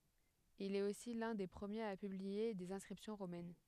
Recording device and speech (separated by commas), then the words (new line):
headset microphone, read sentence
Il est aussi l'un des premiers à publier des inscriptions romaines.